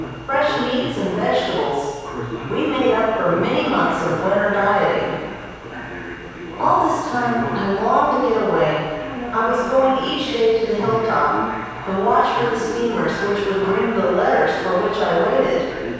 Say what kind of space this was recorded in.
A large and very echoey room.